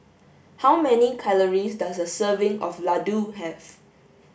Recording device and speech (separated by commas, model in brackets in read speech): boundary microphone (BM630), read sentence